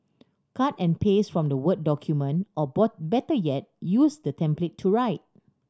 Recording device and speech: standing microphone (AKG C214), read sentence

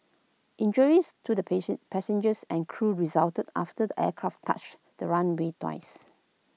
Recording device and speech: mobile phone (iPhone 6), read sentence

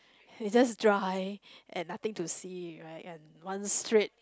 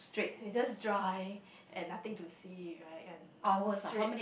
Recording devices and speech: close-talking microphone, boundary microphone, conversation in the same room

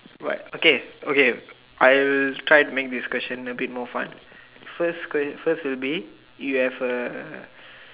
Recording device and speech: telephone, conversation in separate rooms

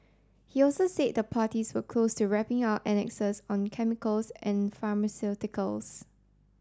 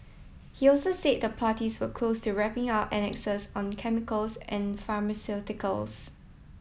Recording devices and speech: standing microphone (AKG C214), mobile phone (iPhone 7), read sentence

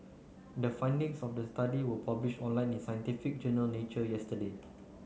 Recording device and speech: mobile phone (Samsung C9), read sentence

